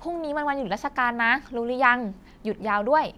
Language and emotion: Thai, happy